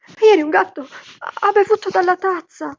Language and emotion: Italian, fearful